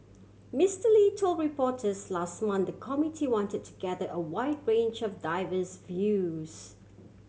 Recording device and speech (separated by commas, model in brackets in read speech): mobile phone (Samsung C7100), read sentence